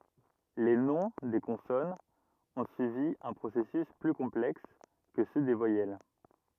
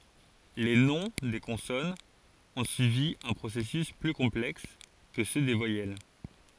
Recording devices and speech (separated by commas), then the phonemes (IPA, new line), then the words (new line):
rigid in-ear microphone, forehead accelerometer, read sentence
le nɔ̃ de kɔ̃sɔnz ɔ̃ syivi œ̃ pʁosɛsys ply kɔ̃plɛks kə sø de vwajɛl
Les noms des consonnes ont suivi un processus plus complexe que ceux des voyelles.